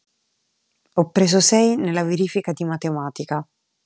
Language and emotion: Italian, neutral